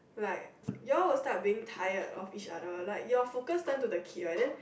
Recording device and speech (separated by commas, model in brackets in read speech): boundary microphone, conversation in the same room